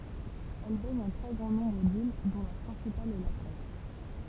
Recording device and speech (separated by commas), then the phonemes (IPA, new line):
temple vibration pickup, read sentence
ɛl bɛɲ œ̃ tʁɛ ɡʁɑ̃ nɔ̃bʁ dil dɔ̃ la pʁɛ̃sipal ɛ la kʁɛt